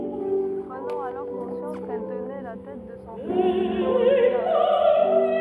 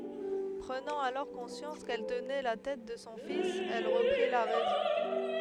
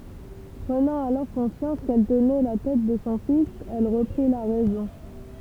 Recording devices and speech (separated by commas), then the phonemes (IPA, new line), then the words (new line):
rigid in-ear microphone, headset microphone, temple vibration pickup, read sentence
pʁənɑ̃ alɔʁ kɔ̃sjɑ̃s kɛl tənɛ la tɛt də sɔ̃ fis ɛl ʁəpʁi la ʁɛzɔ̃
Prenant alors conscience qu'elle tenait la tête de son fils, elle reprit la raison.